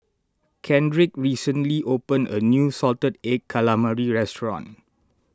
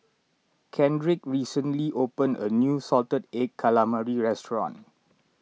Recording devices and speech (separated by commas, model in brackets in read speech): standing microphone (AKG C214), mobile phone (iPhone 6), read sentence